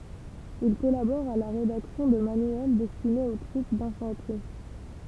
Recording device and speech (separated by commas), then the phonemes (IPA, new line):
temple vibration pickup, read sentence
il kɔlabɔʁ a la ʁedaksjɔ̃ də manyɛl dɛstinez o tʁup dɛ̃fɑ̃tʁi